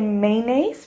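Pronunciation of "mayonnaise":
'Mayonnaise' is pronounced incorrectly here.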